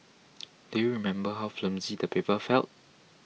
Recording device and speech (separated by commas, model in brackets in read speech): mobile phone (iPhone 6), read sentence